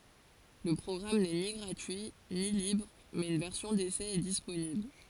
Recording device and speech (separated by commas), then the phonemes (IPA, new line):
forehead accelerometer, read sentence
lə pʁɔɡʁam nɛ ni ɡʁatyi ni libʁ mɛz yn vɛʁsjɔ̃ desɛ ɛ disponibl